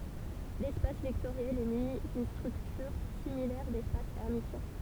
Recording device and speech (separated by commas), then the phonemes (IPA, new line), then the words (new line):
temple vibration pickup, read sentence
lɛspas vɛktoʁjɛl ɛ myni dyn stʁyktyʁ similɛʁ dɛspas ɛʁmisjɛ̃
L'espace vectoriel est muni d'une structure similaire d'espace hermitien.